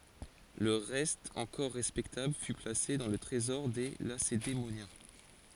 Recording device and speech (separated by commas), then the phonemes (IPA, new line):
forehead accelerometer, read sentence
lə ʁɛst ɑ̃kɔʁ ʁɛspɛktabl fy plase dɑ̃ lə tʁezɔʁ de lasedemonjɛ̃